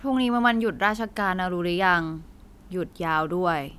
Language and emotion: Thai, frustrated